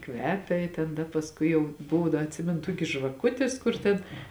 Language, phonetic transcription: Lithuanian, ˈkvepia i ten ˈda pasˈkui jau ˈbuvo ˈda atˈsimenu ˈtuokis žvaˈkutis ˈkur ten

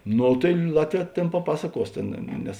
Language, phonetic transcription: Lithuanian, ˈno tai ˈlatˌvē ˈtėn paˈpasaˌkuos ˈtėn ˈnes

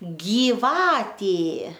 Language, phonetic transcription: Lithuanian, gyˈvatė

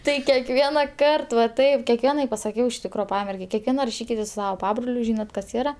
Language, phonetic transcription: Lithuanian, ˈtai kekˈviena ˈkart va ˈtaip kekˈvienai pasaˈkiau iš ˈtikro ˈpamergei kekˈviena raˈšykitės su ˈsava ˈpabroliu ˈžynat kas ˈyra

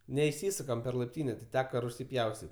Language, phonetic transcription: Lithuanian, neiˈsysukam per laipˈtynė ti ˈteka ruˈsy ˈpjaustit'

